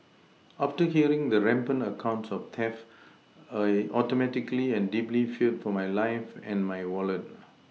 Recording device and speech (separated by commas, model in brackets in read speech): mobile phone (iPhone 6), read sentence